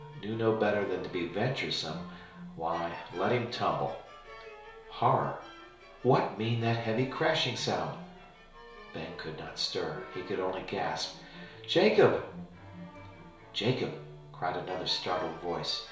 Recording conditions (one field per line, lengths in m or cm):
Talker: one person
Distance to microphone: 1.0 m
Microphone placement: close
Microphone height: 1.1 m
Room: small (3.7 m by 2.7 m)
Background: music